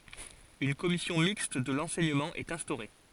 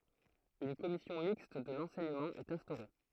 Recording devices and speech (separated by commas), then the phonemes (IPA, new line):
forehead accelerometer, throat microphone, read sentence
yn kɔmisjɔ̃ mikst də lɑ̃sɛɲəmɑ̃ ɛt ɛ̃stoʁe